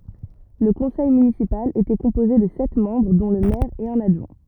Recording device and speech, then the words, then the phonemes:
rigid in-ear microphone, read sentence
Le conseil municipal était composé de sept membres dont le maire et un adjoint.
lə kɔ̃sɛj mynisipal etɛ kɔ̃poze də sɛt mɑ̃bʁ dɔ̃ lə mɛʁ e œ̃n adʒwɛ̃

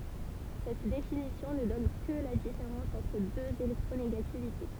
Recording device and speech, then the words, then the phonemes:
temple vibration pickup, read sentence
Cette définition ne donne que la différence entre deux électronégativités.
sɛt definisjɔ̃ nə dɔn kə la difeʁɑ̃s ɑ̃tʁ døz elɛktʁoneɡativite

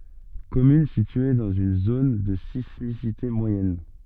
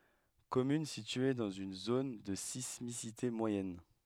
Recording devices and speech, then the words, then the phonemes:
soft in-ear microphone, headset microphone, read sentence
Commune située dans une zone de sismicité moyenne.
kɔmyn sitye dɑ̃z yn zon də sismisite mwajɛn

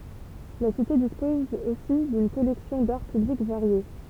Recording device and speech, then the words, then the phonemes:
temple vibration pickup, read sentence
La cité dispose aussi d'une collection d'Art Public variée.
la site dispɔz osi dyn kɔlɛksjɔ̃ daʁ pyblik vaʁje

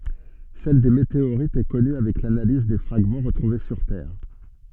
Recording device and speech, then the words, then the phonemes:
soft in-ear microphone, read sentence
Celle des météorites est connue avec l'analyse des fragments retrouvés sur Terre.
sɛl de meteoʁitz ɛ kɔny avɛk lanaliz de fʁaɡmɑ̃ ʁətʁuve syʁ tɛʁ

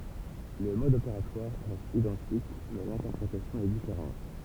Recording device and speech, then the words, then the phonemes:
temple vibration pickup, read sentence
Le mode opératoire reste identique mais l'interprétation est différente.
lə mɔd opeʁatwaʁ ʁɛst idɑ̃tik mɛ lɛ̃tɛʁpʁetasjɔ̃ ɛ difeʁɑ̃t

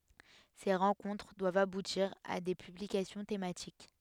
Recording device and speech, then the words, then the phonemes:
headset microphone, read sentence
Ces rencontres doivent aboutir à des publications thématiques.
se ʁɑ̃kɔ̃tʁ dwavt abutiʁ a de pyblikasjɔ̃ tematik

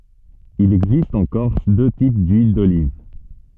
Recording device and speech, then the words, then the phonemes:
soft in-ear microphone, read sentence
Il existe en Corse deux types d'huiles d'olive.
il ɛɡzist ɑ̃ kɔʁs dø tip dyil doliv

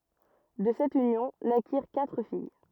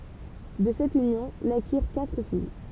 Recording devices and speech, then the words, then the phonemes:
rigid in-ear microphone, temple vibration pickup, read sentence
De cette union, naquirent quatre filles.
də sɛt ynjɔ̃ nakiʁ katʁ fij

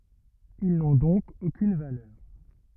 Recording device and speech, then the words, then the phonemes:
rigid in-ear microphone, read sentence
Ils n'ont donc aucune valeur.
il nɔ̃ dɔ̃k okyn valœʁ

